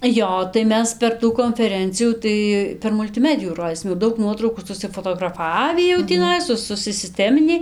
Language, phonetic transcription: Lithuanian, ˈjo tai ˈmes per ˈtų konfeˈrencijų ˈtai per multiˈmedijų ˈrodysim jau ˈdaug ˈnuotraukų susifotograˈfavį jau tįˈnai ˈsu susiˈstemini

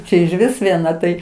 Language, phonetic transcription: Lithuanian, ˈčia ižˈvis vieˈna tai

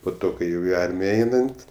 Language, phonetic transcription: Lithuanian, po ˈto kai ˈjau i ˈarmija ˈeinant

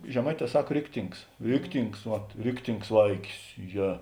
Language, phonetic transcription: Lithuanian, žeˈmaiˌtē ˈsak ˈriktings ˈriktings vat ˈriktings ˈvaikis ˈje

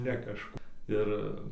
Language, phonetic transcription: Lithuanian, ne kažˈku ˈir

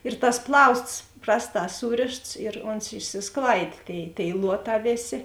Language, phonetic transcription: Lithuanian, ir tas ˈplausts ˈprasˌtā ˈsūrėšts ir ˈons išsisˈklaidė ˈtėi tėi ˈluoˌtā ˈvėˌsė

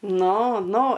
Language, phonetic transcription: Lithuanian, ˈnu ˈnu

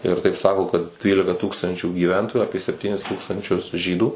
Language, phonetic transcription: Lithuanian, ir taip ˈsako kad ˈtrylikaˈtūkstančių gyˈventoju ˈapie sepˈtynis ˈtūkstančius ˈžydų

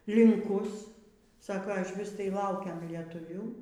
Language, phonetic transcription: Lithuanian, linˈkus ˈsako išˈvis tai ˈlaukem lietuˈvių

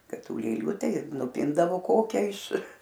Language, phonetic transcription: Lithuanian, ˈkad ˈtų lėˈlių ˈtai ir nuˈpindavo ˈkokia iš

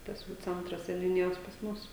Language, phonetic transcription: Lithuanian, ˈtas jau ˈcentras seniuˈnijos pas ˈmus

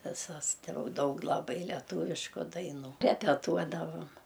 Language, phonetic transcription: Lithuanian, viˈsas tai ˈjau ˈdaug laˈbai leˈtuvišku daiˈnų repeˈtuodavom

